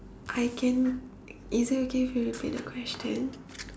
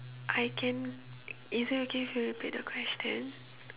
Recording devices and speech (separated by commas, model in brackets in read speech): standing microphone, telephone, conversation in separate rooms